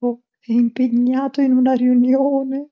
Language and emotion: Italian, fearful